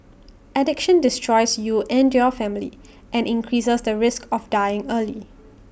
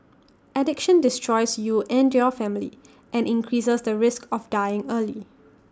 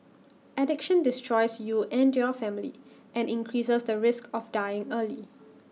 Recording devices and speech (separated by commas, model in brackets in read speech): boundary microphone (BM630), standing microphone (AKG C214), mobile phone (iPhone 6), read sentence